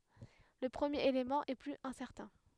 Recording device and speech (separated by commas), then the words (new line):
headset microphone, read sentence
Le premier élément est plus incertain.